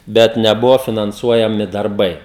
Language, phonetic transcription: Lithuanian, ˈbet neˈbuvo finanˈsuojami darˈbai

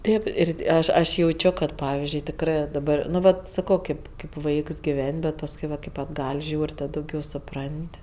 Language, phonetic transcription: Lithuanian, ˈtėp ir ˈaš aš jauˈčio ˈkad ˈpavizdžiui tikˈrɜ daˈbar nu ˈvat saˈko ˈkaip kaip ˈvaiks giˈven' bet pasˈkui vat kai atˈgal' ˈžiūr' ˈtad dauˈgiau suˈpran't'

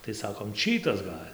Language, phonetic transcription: Lithuanian, tai ˈsakom ˈčytas ˈgal'

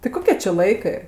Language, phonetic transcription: Lithuanian, ti ˈkoke či ˈlaikɜ

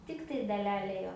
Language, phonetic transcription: Lithuanian, ˈtiktai daˈlele ˈjo

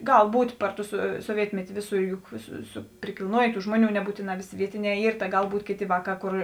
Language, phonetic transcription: Lithuanian, ˈgal ˈbūt' ˈpar ˌtu su soˈvietmeti ˈvėˌsų ˈjuk su su prikilˈnuojė ˈtų ˈžmuoˌnių neˈbūtėˌnā ˈvėˌsė ˈvietiˌnē ˈyr ta ˈgal ˈbūtė ˈkėˌtė ˈvaˌkā ˈkor

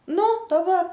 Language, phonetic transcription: Lithuanian, ˈnu daˈbar

